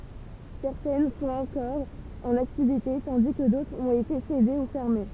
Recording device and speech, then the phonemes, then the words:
temple vibration pickup, read sentence
sɛʁtɛn sɔ̃t ɑ̃kɔʁ ɑ̃n aktivite tɑ̃di kə dotʁz ɔ̃t ete sede u fɛʁme
Certaines sont encore en activité, tandis que d'autres ont été cédées ou fermées.

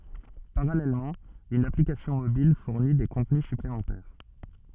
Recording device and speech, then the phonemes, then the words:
soft in-ear microphone, read sentence
paʁalɛlmɑ̃ yn aplikasjɔ̃ mobil fuʁni de kɔ̃tny syplemɑ̃tɛʁ
Parallèlement, une application mobile fournit des contenus supplémentaires.

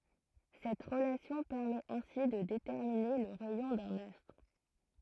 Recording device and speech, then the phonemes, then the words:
throat microphone, read sentence
sɛt ʁəlasjɔ̃ pɛʁmɛt ɛ̃si də detɛʁmine lə ʁɛjɔ̃ dœ̃n astʁ
Cette relation permet ainsi de déterminer le rayon d'un astre.

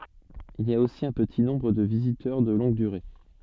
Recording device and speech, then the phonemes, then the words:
soft in-ear microphone, read sentence
il i a osi œ̃ pəti nɔ̃bʁ də vizitœʁ də lɔ̃ɡ dyʁe
Il y a aussi un petit nombre de visiteurs de longue durée.

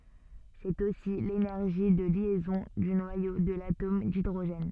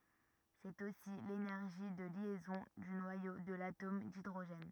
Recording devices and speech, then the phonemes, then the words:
soft in-ear microphone, rigid in-ear microphone, read sentence
sɛt osi lenɛʁʒi də ljɛzɔ̃ dy nwajo də latom didʁoʒɛn
C'est aussi l'énergie de liaison du noyau de l'atome d'hydrogène.

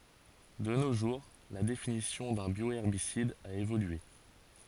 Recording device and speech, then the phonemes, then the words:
forehead accelerometer, read sentence
də no ʒuʁ la definisjɔ̃ dœ̃ bjoɛʁbisid a evolye
De nos jours, la définition d’un bioherbicide a évolué.

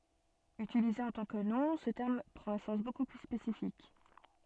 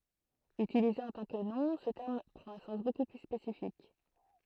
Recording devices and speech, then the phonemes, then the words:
soft in-ear microphone, throat microphone, read sentence
ytilize ɑ̃ tɑ̃ kə nɔ̃ sə tɛʁm pʁɑ̃t œ̃ sɑ̃s boku ply spesifik
Utilisé en tant que nom, ce terme prend un sens beaucoup plus spécifique.

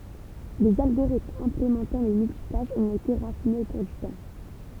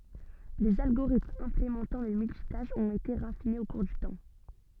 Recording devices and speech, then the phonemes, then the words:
temple vibration pickup, soft in-ear microphone, read sentence
lez alɡoʁitmz ɛ̃plemɑ̃tɑ̃ lə myltitaʃ ɔ̃t ete ʁafinez o kuʁ dy tɑ̃
Les algorithmes implémentant le multitâche ont été raffinés au cours du temps.

